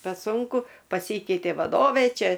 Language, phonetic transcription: Lithuanian, pe ˈsunku paˈsykeitė vaˈdovė ˈčia

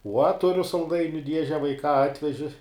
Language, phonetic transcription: Lithuanian, uo ˈturiu salˈdainiu ˈdieže vaiˈkā ˈatveži

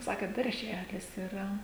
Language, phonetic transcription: Lithuanian, ˈsakėt darˈželis iˈra

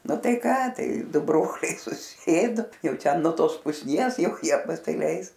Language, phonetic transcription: Lithuanian, ˈnu ˈtai ˈką ˈtai ˈdu ˈbroliai suˈsėdu ˈjau ˈten nuo ˈtos pusˈnies ˈjau ˈjie pasiˈleis

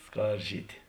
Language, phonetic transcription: Lithuanian, ˈskarˌžyti

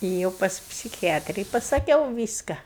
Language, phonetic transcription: Lithuanian, ėˈjau pas psikiˈjatri i pasaˈkiau ˈvyska

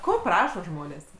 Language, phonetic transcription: Lithuanian, ˈko ˈprašo ˈžmonės

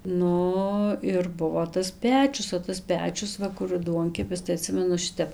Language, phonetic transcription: Lithuanian, ˈnu ir ˈbuvo tas ˈpečius o tas ˈpečius ˈva kur ˈduonkepis tai aˈtsimenu ˈšitep

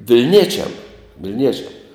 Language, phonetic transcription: Lithuanian, vilˈniečiam vilˈniečiam

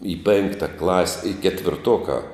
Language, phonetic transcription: Lithuanian, į ˈpėnkta klas' i ketvirˈtokā

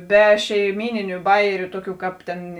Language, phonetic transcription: Lithuanian, ˈbe šeiˈmyniniu ˈbajeriu ˈtuoˌkių ˈkāp tėn

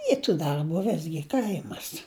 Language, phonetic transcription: Lithuanian, ˈy tų darˈbų ˈvisgi ˈkaimas

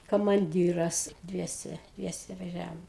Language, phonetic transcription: Lithuanian, kamanˈdyras ˈdviese ˈdviese vaˈžiavom

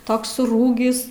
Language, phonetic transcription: Lithuanian, ˈtoks suˈrūgis

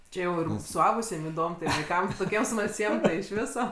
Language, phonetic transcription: Lithuanian, ˈčia jau ir suˈaugusiem iˈdom tai vaiˈkam toˈkiem smalˈsiem tai iš ˈviso

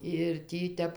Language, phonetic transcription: Lithuanian, ir ˈtį ˈtep

